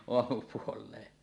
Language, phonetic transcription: Finnish, oamupuol̀ee « .
- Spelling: aamupuoleen

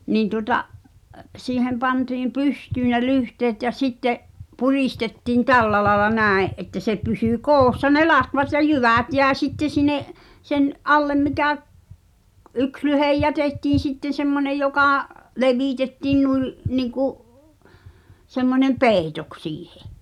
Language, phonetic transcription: Finnish, 'niin tuŏta’ , 'siihem pantiim "pysty ne "lyhteet ja 'sitte’ , 'purìstettiin "tällä laĕla 'nä̀e’ ’että se pysỳ "koossa ne "latvat ja "jyvä̀t jä̀e sitte sin̆ne’ , sen , "’allem 'mikä , ᵏ- "’yks lyhej 'jätettiin̬ sitten̬ semmonej 'jokà , 'levìtettiin nui , 'niŋku’ , semmoneᵐ "pèitoks 'siihᴇ .
- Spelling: niin tuota siihen pantiin pystyyn ne lyhteet ja sitten puristettiin tällä lailla näin että se pysyi koossa ne latvat ja jyvät jäi sitten sinne sen alle mikä - yksi lyhde jätettiin sitten semmoinen joka levitettiin noin niin kuin semmoinen peitoksi siihen

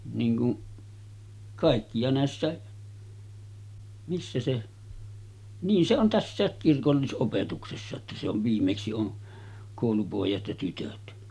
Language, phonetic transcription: Finnish, niiŋ ku’ , 'kàikki ja 'nä̀essä̀e , missä se , niin se on "tässä̀ek 'kirkollis’opetuksessa että se ‿ov viimmeksi on , 'kòulupòejat ja -tytöt .
- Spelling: niin kuin kaikki ja näissäkin missä se niin se on tässäkin kirkollisopetuksessa että se on viimeksi on koulupojat ja -tytöt

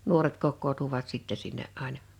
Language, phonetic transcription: Finnish, 'nuoret 'kokkootuvat sìttɛ sinne’ ’àena .
- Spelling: nuoret kokoontuivat sitten sinne aina

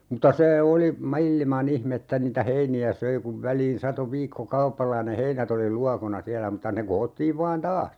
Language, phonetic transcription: Finnish, muta 'see oli , "mail̀ma'n ‿ihm ‿että niitä "heini₍ä 'söi kuv 'väliin 'sato 'viikko"kaupalla (ja) ne "heinät ‿oli 'luakona 'siälä muta ne 'ko₍ottiiv 'vaan "taas .
- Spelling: mutta se oli maailman ihme että niitä heiniä söi kun väliin satoi viikkokaupalla ja ne heinät oli luokona siellä mutta ne koottiin vain taas

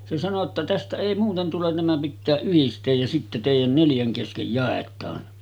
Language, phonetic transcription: Finnish, se sano ‿tta » "tästä èi 'muuten tulen nämä pittää 'yhist̆teej ja sitte tèijän 'neljäŋ keskej 'jàet̆taan .
- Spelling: se sanoi jotta tästä ei muuten tule nämä pitää yhdistää ja sitten teidän neljän kesken jaetaan

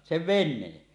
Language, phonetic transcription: Finnish, 'sev "ven̆neen .
- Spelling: sen veneen

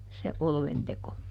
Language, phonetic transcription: Finnish, se "olventeko ?
- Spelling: se oluenteko

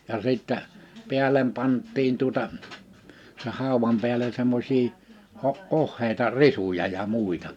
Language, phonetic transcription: Finnish, ja sìttä , 'piälem 'pant̆tiin tuᵒta , se 'hàuwam piälen 'semmosii , o- , 'ohhèita 'risuja ja 'mùita .
- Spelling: ja sitten päälle pantiin tuota sen haudan päälle semmoisia - ohuita risuja ja muita

